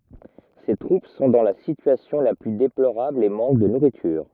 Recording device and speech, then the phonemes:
rigid in-ear microphone, read sentence
se tʁup sɔ̃ dɑ̃ la sityasjɔ̃ la ply deploʁabl e mɑ̃k də nuʁityʁ

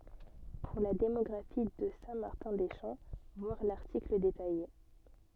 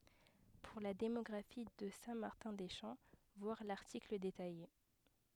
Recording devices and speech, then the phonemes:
soft in-ear microphone, headset microphone, read sentence
puʁ la demɔɡʁafi də sɛ̃ maʁtɛ̃ de ʃɑ̃ vwaʁ laʁtikl detaje

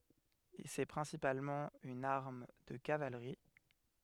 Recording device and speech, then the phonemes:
headset microphone, read sentence
sɛ pʁɛ̃sipalmɑ̃ yn aʁm də kavalʁi

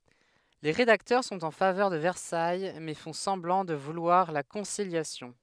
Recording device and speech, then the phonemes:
headset microphone, read sentence
le ʁedaktœʁ sɔ̃t ɑ̃ favœʁ də vɛʁsaj mɛ fɔ̃ sɑ̃blɑ̃ də vulwaʁ la kɔ̃siljasjɔ̃

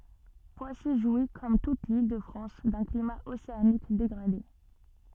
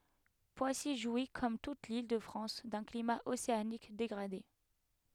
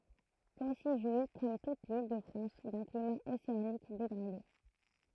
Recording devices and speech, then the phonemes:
soft in-ear microphone, headset microphone, throat microphone, read sentence
pwasi ʒwi kɔm tut lildəfʁɑ̃s dœ̃ klima oseanik deɡʁade

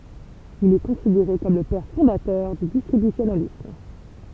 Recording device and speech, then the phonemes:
temple vibration pickup, read sentence
il ɛ kɔ̃sideʁe kɔm lə pɛʁ fɔ̃datœʁ dy distʁibysjonalism

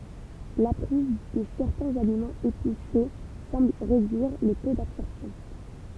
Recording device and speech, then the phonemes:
temple vibration pickup, read sentence
la pʁiz də sɛʁtɛ̃z alimɑ̃z epise sɑ̃bl ʁedyiʁ lə to dabsɔʁpsjɔ̃

